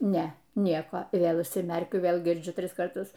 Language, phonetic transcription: Lithuanian, ˈne ˈnieko i ˈvėl užsiˈmerkiu ˈvėl girˈdžiu ˈtris karˈtus

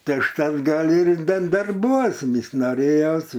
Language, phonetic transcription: Lithuanian, ˈtai užˈtat ˈgal ir dan darˈbuos ˈvis noˈrėjos

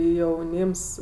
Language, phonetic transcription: Lithuanian, jauˈnyms

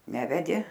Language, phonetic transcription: Lithuanian, ˈnevedė

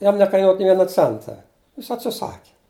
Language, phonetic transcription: Lithuanian, ˈjam nekaiˈnuot nė ˈviena ˈcenta jis atsiˈsaki

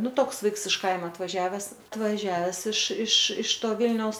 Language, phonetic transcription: Lithuanian, ˈnu ˈtoks ˈvaiks iš ˈkaima atvaˈžiaves atvaˈžiaves iš iš iš ˈto ˈvilniaus

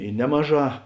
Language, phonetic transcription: Lithuanian, i ˈnemaˌžā

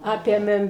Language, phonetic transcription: Lithuanian, ˈapėmėm

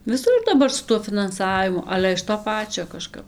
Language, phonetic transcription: Lithuanian, viˈsur daˈbar su tuo finanˈsavimu ˈale iš to ˈpačio kaˈžkap

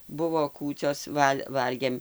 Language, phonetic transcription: Lithuanian, ˈbuvo ˈkūcios ˈval' ˈvalgėm

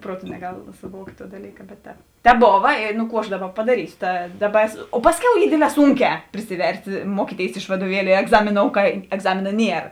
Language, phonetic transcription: Lithuanian, ˈpruoˌtu neˈgal suˈvuokt' tuo daˈlyka bet ˈtēp ˈtēp ˈbova i nu ˈkų aš ˈdaˌba padaˈrysio ta ˈdaˌba o ˈpasˌkiau ˈy ˈdėdˌlē ˈsunˌkē prisiˈverst' ˈmuokyˌtėis iš vaduoˈvieliu i egˈzamiˌnou ka egˈzamina ˈnier

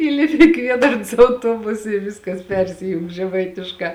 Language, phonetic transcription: Lithuanian, ˈįlipi i ˈkviedarns auˈtuobusa i ˈviskas ˈpersijung žeˈmaitiškā

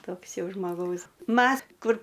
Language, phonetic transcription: Lithuanian, ˈtoks ˈjau žmoˈgaus ˈmas kur

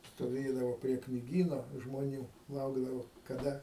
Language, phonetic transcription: Lithuanian, stoˈvėdavo prie kniˈgyno žmoˈnių ˈlaukdavo kaˈda

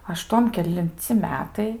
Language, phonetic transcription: Lithuanian, aˈštuom kelinˈci ˈmetai

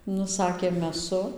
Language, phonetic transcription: Lithuanian, ˈnu ˈsakė meˈsu

